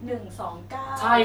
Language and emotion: Thai, neutral